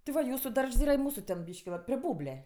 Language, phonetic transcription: Lithuanian, ti ˈva ˈjūsu ˈdaržs ˈyra i ˈmūsų ten ˈbyški va pri ˈbūblia

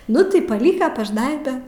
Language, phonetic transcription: Lithuanian, ˈnu tai paˈlyka pažˈnaibe

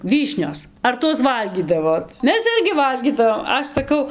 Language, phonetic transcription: Lithuanian, ˈvyšnios ar ˈtuos ˈvalgydavot ˈmes ˈirgi ˈvalgydavom ˈaš saˈkau

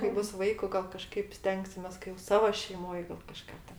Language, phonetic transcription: Lithuanian, kai ˈbus ˈvaiku ˈgal kaˈžkaip ˈstengsimės kai jo ˈsavo šeiˈmoj gal kaˈžką ten

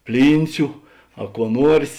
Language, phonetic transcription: Lithuanian, ˈplynciu a kuo ˈnuors'

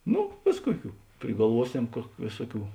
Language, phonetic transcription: Lithuanian, ˈnu ˈvės ˈkuoˌkių prigalˈvuoˌsem kuok ˈvėsuoˌkių

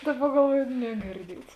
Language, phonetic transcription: Lithuanian, ˈdaˌba galˈvuojo negirˈdiets

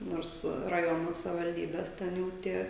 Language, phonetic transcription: Lithuanian, ˈnors raˈjono savivalˈdybes ˈten jau ˈtie

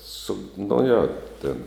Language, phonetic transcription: Lithuanian, ˈsu nu ˈjo tėn

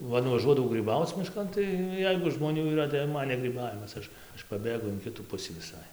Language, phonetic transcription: Lithuanian, ˈva nuvaˈžuodavau gryˈbauc miˈškan tai ˈjeigu žmoˈnių yˈra tai jau ˈman ne gryˈbavimas ˈaš ˈaš paˈbėgu in ˈkitų ˈpusį viˈsai

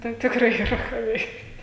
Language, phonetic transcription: Lithuanian, ˈtai tikˈrai yˈra ką ˈveikt'

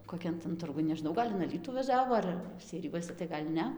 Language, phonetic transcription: Lithuanian, koˈkian tan ˈturgun nežiˈnau ˈgal' in aˈlytų vaˈžiavo ˈar seiˈrijuose tai ˈgal' ˈne

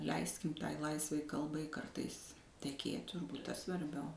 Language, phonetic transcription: Lithuanian, ˈleiskim ˈtai ˈlaisvai ˈkalbai ˈkartais teˈkėt turˈbūt ˈtas svarˈbiau

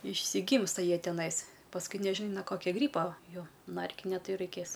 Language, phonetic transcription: Lithuanian, išsiˈgymsta ˈjie teˈnais pasˈkui neˈžin no ˈkokio ˈgrypo ˈjo ˈna ˈerkinia ˈtai jau raiˈkės

